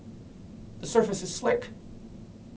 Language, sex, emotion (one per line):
English
male
fearful